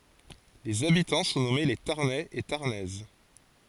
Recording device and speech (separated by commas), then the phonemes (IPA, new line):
forehead accelerometer, read sentence
lez abitɑ̃ sɔ̃ nɔme le taʁnɛz e taʁnɛz